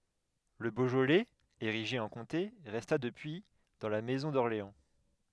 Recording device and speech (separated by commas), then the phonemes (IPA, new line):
headset microphone, read sentence
lə boʒolɛz eʁiʒe ɑ̃ kɔ̃te ʁɛsta dəpyi dɑ̃ la mɛzɔ̃ dɔʁleɑ̃